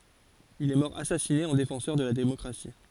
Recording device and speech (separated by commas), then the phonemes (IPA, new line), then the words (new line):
forehead accelerometer, read sentence
il ɛ mɔʁ asasine ɑ̃ defɑ̃sœʁ də la demɔkʁasi
Il est mort assassiné en défenseur de la démocratie.